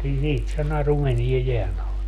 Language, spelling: Finnish, siitä se naru meni jään alle
- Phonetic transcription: 'siit se 'naru 'meniɛ 'jeän ‿ale .

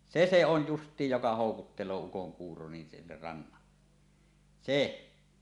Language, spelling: Finnish, se se on justiin joka houkuttelee ukonkuuro niin sinne rannalle se
- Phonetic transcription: se se 'on "just̀iij joka 'hòukuttel̀oo ukoŋkuuro nin sinner "rannalle , "se .

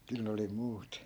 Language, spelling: Finnish, kyllä ne oli muut
- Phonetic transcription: 'kyl ne oli "muut .

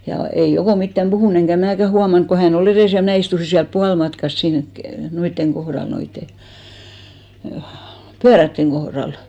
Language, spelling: Finnish, ja ei Oko mitään puhunut enkä minäkään huomannut kun hän oli edessä ja minä istuin siellä puolimatkassa siinä - noiden kohdalla noiden pyörien kohdalla
- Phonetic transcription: ja 'ei 'Okò 'mittäm "ʙuhùn eŋkä 'mnä̀kä 'huamaŋk ko "hä'n ‿o'l ‿erès ja "mnä̀ istusi siälp 'pualmatkas , siiŋk ke- , 'noitteŋ 'ɢohral , 'noitte , "pyärätteŋ 'ɢohral .

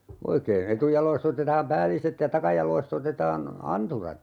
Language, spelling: Finnish, oikein etujaloista otetaan päälliset ja takajaloista otetaan anturat
- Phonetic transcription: 'oikeen 'etujalois't ‿otetaam "pääliset ja 'takajal̀ois't ‿otetaan , "anturat .

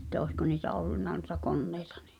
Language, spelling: Finnish, että olisiko niitä ollut noita koneita niin
- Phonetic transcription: ᵉᵗtä oisko niitä "ollunna nuⁱta "konneɪtᴀ 'ɴɪ .

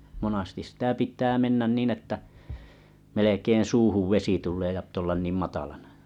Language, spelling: Finnish, monasti sitä pitää mennä niin että melkein suuhun vesi tulee ja pitää olla niin matalana
- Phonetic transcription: monastis sitä 'pit̀ää 'mennä nìnn ‿että , melekeen̬ "suuhuv 'vesi tul̀ee ja pt ‿ollan 'niim matalana .

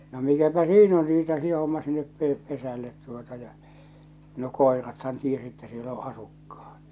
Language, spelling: Finnish, no mikäpä siinä on riita siinä hommassa niin että - pesälle tuota ja no koirathan tiesi että siellä on asukkaat
- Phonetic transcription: no mikäpä "siin ‿on 'riita 'sii ̳ hommas (nii et pe-) 'pesället tuota ja , no "kòerathan 'tiesi että 'siel ‿o 'asukkᴀ₍ᴀt .

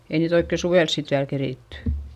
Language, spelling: Finnish, ei niitä oikein suvella sitten vielä keritty
- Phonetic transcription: ei niit ‿oikke suvels sit viäl kerìtty .

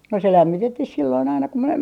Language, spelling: Finnish, no se lämmitettiin silloin aina kun minä
- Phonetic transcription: no se "lämmitettih 'silloin aina ku mie ,.

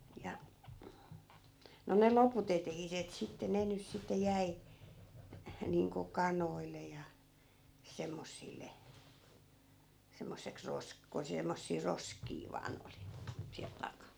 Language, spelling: Finnish, ja no ne loput eteiset sitten ne nyt sitten jäi niin kuin kanoille ja semmoisille semmoiseksi - kun semmoisia roskia vain oli siellä takana
- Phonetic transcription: ja , no ne "lopu't ‿etehiset sitte 'ne ny sitte 'jäi , niiŋko "kanoille ja , 'semmossille , 'semmosseks 'rosk- , ko 'semmossii "roskii 'vaan ‿oli , siäl 'taka(n) .

